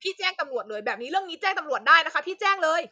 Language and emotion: Thai, angry